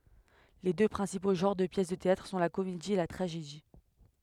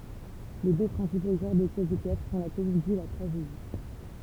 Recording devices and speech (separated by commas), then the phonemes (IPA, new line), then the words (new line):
headset microphone, temple vibration pickup, read sentence
le dø pʁɛ̃sipo ʒɑ̃ʁ də pjɛs də teatʁ sɔ̃ la komedi e la tʁaʒedi
Les deux principaux genres de pièces de théâtre sont la comédie et la tragédie.